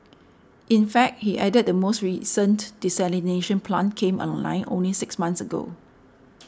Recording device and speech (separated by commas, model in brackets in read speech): standing microphone (AKG C214), read sentence